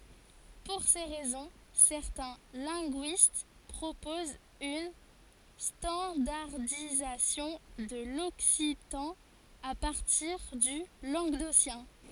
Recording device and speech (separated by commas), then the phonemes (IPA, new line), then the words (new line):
forehead accelerometer, read sentence
puʁ se ʁɛzɔ̃ sɛʁtɛ̃ lɛ̃ɡyist pʁopozt yn stɑ̃daʁdizasjɔ̃ də lɔksitɑ̃ a paʁtiʁ dy lɑ̃ɡdosjɛ̃
Pour ces raisons, certains linguistes proposent une standardisation de l'occitan à partir du languedocien.